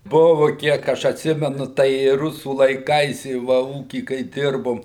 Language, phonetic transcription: Lithuanian, ˈbuvu ˈkiek aš atˈsimenu ˈtai i ˈrusų laiˈkais i ˈva ˈūky kai ˈdirbom

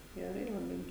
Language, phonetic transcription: Lithuanian, geˈrai laˈbai

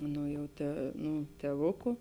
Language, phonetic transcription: Lithuanian, ˈnu jau ˈta ˈnu tėˈvuku

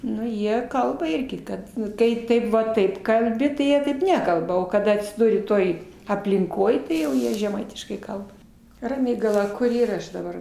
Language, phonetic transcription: Lithuanian, ˈnu ˈjie ˈkalba ˈirgi ˈkad nu ˈkai ˈtaip va ˈtaip kalˈbi tai ˈjie taip ˈnekalba o kaˈda atsiˈduri ˈtoj aplinˈkoj tai jau ˈjie žeˈmaitiškai ˈkalba raˈmygala ˈkur ˈyra ˈaš daˈbar

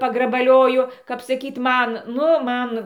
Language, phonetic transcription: Lithuanian, pagrabaˈlioju kap saˈkyt ˈman ˈnu ˈman

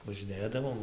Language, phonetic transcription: Lithuanian, važiˈnėdavom

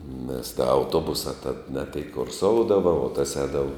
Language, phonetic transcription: Lithuanian, nes ˈda auˈtuobusa tad ne tėik kurˈsoudava o tas ˈēdava

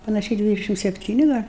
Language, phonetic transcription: Lithuanian, panaˈšiai ˈdvidešim sepˈtyni ˈgal'

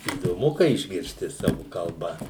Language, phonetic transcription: Lithuanian, įdoˈmu kai išgirsˈti ˈsavu kalˈba

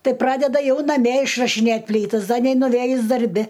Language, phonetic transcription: Lithuanian, ˈtai ˈpradeda ˈjau naˈmie išrašiˈnėt' ˈplytas ˈda neinuˈvėjus darˈbi

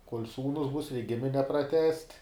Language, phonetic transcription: Lithuanian, kol' ˈsūnus bus reik ˈgimine praˈtęst'

